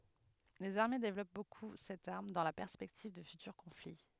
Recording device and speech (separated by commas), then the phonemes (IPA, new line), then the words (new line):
headset microphone, read sentence
lez aʁme devlɔp boku sɛt aʁm dɑ̃ la pɛʁspɛktiv də fytyʁ kɔ̃fli
Les armées développent beaucoup cette arme, dans la perspective de futurs conflits.